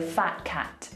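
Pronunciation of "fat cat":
In 'fat cat', the t of 'fat' is dropped and made a glottal T: the air is stopped instead of a full t being said.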